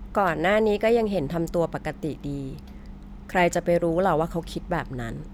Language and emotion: Thai, neutral